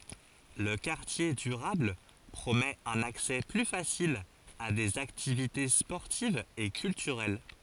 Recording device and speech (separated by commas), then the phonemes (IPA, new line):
forehead accelerometer, read sentence
lə kaʁtje dyʁabl pʁomɛt œ̃n aksɛ ply fasil a dez aktivite spɔʁtivz e kyltyʁɛl